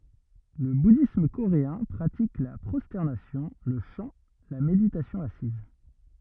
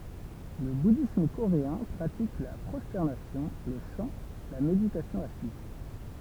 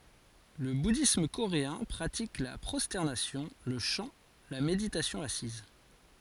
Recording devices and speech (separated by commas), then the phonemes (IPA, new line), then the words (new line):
rigid in-ear microphone, temple vibration pickup, forehead accelerometer, read sentence
lə budism koʁeɛ̃ pʁatik la pʁɔstɛʁnasjɔ̃ lə ʃɑ̃ la meditasjɔ̃ asiz
Le bouddhisme coréen pratique la prosternation, le chant, la méditation assise.